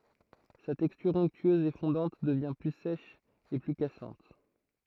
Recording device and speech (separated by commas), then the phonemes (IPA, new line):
throat microphone, read sentence
sa tɛkstyʁ ɔ̃ktyøz e fɔ̃dɑ̃t dəvjɛ̃ ply sɛʃ e ply kasɑ̃t